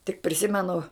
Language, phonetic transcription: Lithuanian, tik priˈsimenu

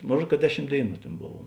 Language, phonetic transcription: Lithuanian, ˈmon ˈruod ka ˈdeˌšim ˈdėiˌnų ˈtėn ˈbov

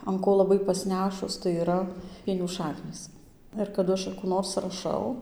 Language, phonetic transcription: Lithuanian, an ˈko laˈbai pasˈnešus tai yˈra ˈpienių ˈšaknys ir kaˈdu ˈaš a kų ˈnors raˈšau

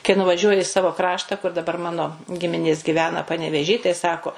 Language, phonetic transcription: Lithuanian, kai nuvaˈžiuoji i ˈsavo ˈkrašta kur daˈbar ˈmano ˈgiminės giˈvena panevėˈžy tai ˈsako

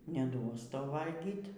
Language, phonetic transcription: Lithuanian, neˈduos ˈtau ˈvalgyt

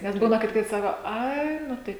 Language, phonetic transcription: Lithuanian, nes ˈbūna kad ˈkaip ˈsako ˈai ˈnu tai

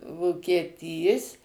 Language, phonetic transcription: Lithuanian, vokieˈtys

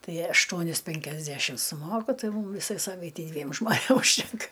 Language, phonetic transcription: Lithuanian, ˈtai ašˈtuonis penkiasˈdæšim suˈmoku ˈtai ˈmūm ˈvisai ˈsavaitei ˈdviem žmoˈnėm užˈtenka

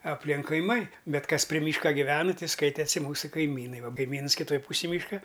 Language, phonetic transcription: Lithuanian, apˈlink kaiˈmai ˈbet ˈkas pri ˈmyška giˈvenɨ ˈtai ˈskaitesi ˈmūsu kaiˈmynai ˈva kaiˈmyns kiˈtoj ˈpūsij ˈmyška

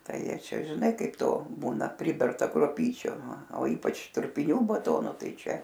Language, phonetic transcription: Lithuanian, ˈtai ˈjie ˈčia žiˈnai ˈkaip ˈto ˈbūna ˈpriberta kruoˈpyčiu a o ˈypač trupiˈnių baˈtono ˈtai ˈčia

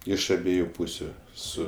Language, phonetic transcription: Lithuanian, ˈiš aˈbieju ˈpūsiu ˈsu

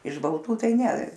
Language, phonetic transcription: Lithuanian, iš balˈtų ˈtai ˈne

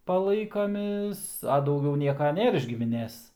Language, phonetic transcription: Lithuanian, paˈlaikamės a dauˈgiau ˈnieka ˈnėr iš gimiˈnės

